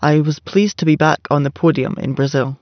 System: none